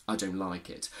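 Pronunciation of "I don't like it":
In 'I don't like it', 'don't' is reduced and sounds like 'dun'.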